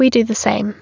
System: none